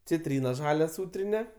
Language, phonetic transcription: Lithuanian, ciˈtryna ˈžalia ˈsūtrini

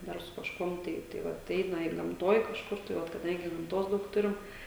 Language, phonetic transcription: Lithuanian, ˈdar su kažˈkuom ˈtai tai ˈvat ˈeina ir gamˈtoj kažˈkur tai ˈvat kaˈdangi gamˈtos ˈdaug ˈturim

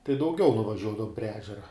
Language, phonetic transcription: Lithuanian, tai dauˈgiau nuvaˈžiuodavum prie ˈežera

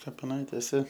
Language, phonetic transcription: Lithuanian, kapiˈnaitėse

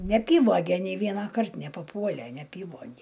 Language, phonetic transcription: Lithuanian, neaˈpyvoge nei ˈvienakart nepaˈpuole neaˈpyvoge

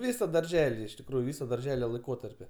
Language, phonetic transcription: Lithuanian, ˈvysa darˈželi iš tikˈrųju ˈvisa darˈžele laiˈkotarpi

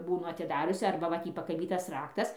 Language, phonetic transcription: Lithuanian, ˈbūnu atiˈdariusi ˈarba va ˈtį pakaˈbytas ˈraktas

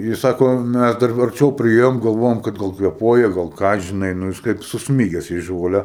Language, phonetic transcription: Lithuanian, ji ˈsako ˈmæs dar arˈčiau priˈėjom galˈvojom kad ˈgal kveˈpuoja gal ˈką žiˈnai ˈnu jis ˈkaip susˈmyges į ˈžole

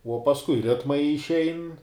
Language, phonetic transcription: Lithuanian, uo pasˈkui ˈritmai išˈein

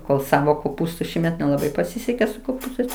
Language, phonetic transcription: Lithuanian, kol ˈsavo koˈpūstu ˈšįmet nelaˈbai paˈsisekė su koˈpūstais

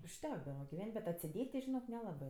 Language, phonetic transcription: Lithuanian, užˈtekdava giˈven't' bet atsiˈdėt' ti žiˈnok neˈlabɜ

